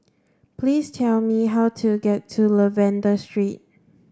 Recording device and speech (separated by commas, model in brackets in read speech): standing microphone (AKG C214), read sentence